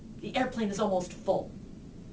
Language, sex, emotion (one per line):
English
female
angry